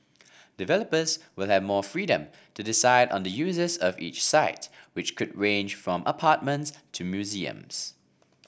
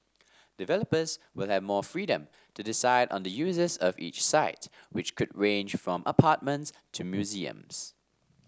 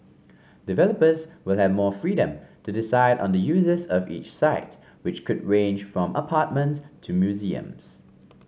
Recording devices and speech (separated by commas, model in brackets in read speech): boundary microphone (BM630), standing microphone (AKG C214), mobile phone (Samsung C5), read sentence